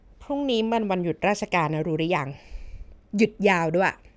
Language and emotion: Thai, frustrated